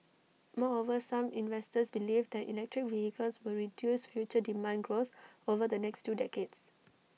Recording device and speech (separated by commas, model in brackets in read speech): mobile phone (iPhone 6), read sentence